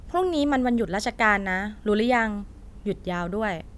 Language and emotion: Thai, neutral